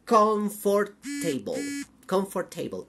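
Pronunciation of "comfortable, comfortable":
'Comfortable' is pronounced incorrectly here.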